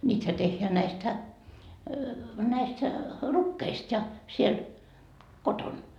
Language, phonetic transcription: Finnish, ńiithä tehheä näistä , näistä , "rukkeist ja , siel , "koton .
- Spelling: niitähän tehdään näistä näistä rukiista ja siellä kotona

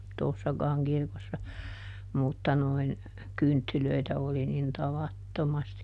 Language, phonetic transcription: Finnish, ˈtòssakaaŋ ˈkirkossa , ˈmutta noin , ˈkynttylöitä oli nin "tavattomasti .
- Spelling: tuossakaan kirkossa mutta noin kynttilöitä oli niin tavattomasti

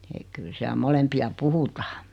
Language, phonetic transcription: Finnish, ek 'kyl siäl 'mo-lempi₍a "puhutaa .
- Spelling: että kyllä siellä molempia puhutaan

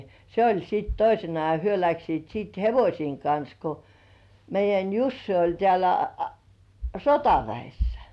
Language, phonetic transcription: Finnish, 'se oĺ sit "toisena ja hyö 'läksiit siit "hevośiiŋ kans ko , meij̆jän 'Jussi oĺ tĕä̀lä , "sotaväissᴀ̈ .
- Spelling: se oli sitten toisena ja he lähtivät sitten hevosten kanssa kun meidän Jussi oli täällä sotaväessä

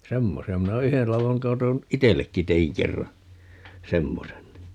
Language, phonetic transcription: Finnish, "semmosi₍a minä o - "yhel 'lavoŋ 'katon , "itellekki 'teiŋ 'kerra , "semmosen ni .
- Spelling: semmoisia minä - yhden ladon katon itsellekin tein kerran semmoisen niin

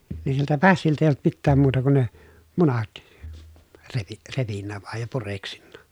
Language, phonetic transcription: Finnish, ni siltä pässiltä èij ‿olt mittääm muuta kun ne , munat , revi- , repinnä vàej ja pureksinna .
- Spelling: niin siltä pässiltä ei ollut mitään muuta kuin ne munat - repinyt vain ja pureksinut

